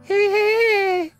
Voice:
Falsetto